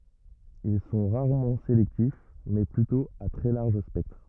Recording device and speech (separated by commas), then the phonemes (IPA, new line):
rigid in-ear microphone, read sentence
il sɔ̃ ʁaʁmɑ̃ selɛktif mɛ plytɔ̃ a tʁɛ laʁʒ spɛktʁ